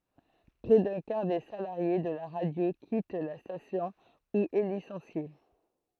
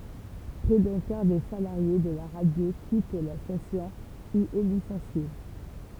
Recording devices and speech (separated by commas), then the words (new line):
throat microphone, temple vibration pickup, read sentence
Près d'un quart des salariés de la radio quitte la station ou est licencié.